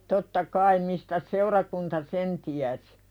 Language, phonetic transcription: Finnish, totta "kaim mistäs 'seurakunta '.'sen tiäsɪ .
- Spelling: totta kai mistäs seurakunta sen tiesi

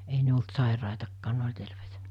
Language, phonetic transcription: Finnish, 'ei ne olt 'sàiràitakkaan 'ne oĺ terveitᴀ̈ .
- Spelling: ei ne ollut sairaitakaan ne oli terveitä

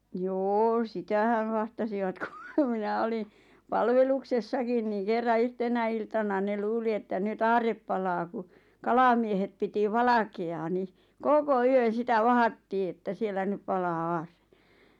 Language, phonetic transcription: Finnish, 'joo "sitähäᵛ 'vahtasivat ku "minä 'oliⁿ , "palveluksessakin ni kerra 'yhtenä iltana ne "luuli että ny't ‿aarrep palaa ku , "kalamiehet piti "valake₍aa ni , "koko "yön̬ 'sitä "vahattii että 'siellä nyᵖ 'palaa "aarre .
- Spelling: joo sitähän vahtasivat kun minä olin palveluksessakin niin kerran yhtenä iltana ne luuli että nyt aarre palaa kun kalamiehet piti valkeaa niin koko yön sitä vahdattiin että siellä nyt palaa aarre

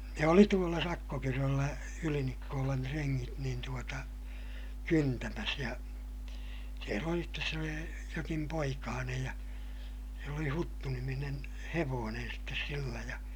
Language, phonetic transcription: Finnish, ne oli tuolla Sakkokyröllä , Ylinikkoolan treŋŋit niin tuota , kyntämäs ja , siel ‿oli stes se oli , jokim poikaanej ja , sill ‿oli Huttu-niminen , hevoonen sittes sillä ja , .
- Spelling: ne oli tuolla Sakkokyröllä Ylinikkolan rengit niin tuota kyntämässä ja siellä oli sitten se oli jokin poikanen ja sillä oli Huttu-niminen hevonen sitten sillä ja

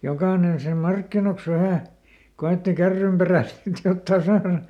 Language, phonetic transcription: Finnish, ˈjokaanen sⁱnem "markkinoks ˈvähä̀ , ˈko₍ètti ˈkärrymperä̀ sit ˈjottaa ˈsaara .
- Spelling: jokainen sinne markkinoiksi vähän koetti kärrynperään sitten jotakin saada

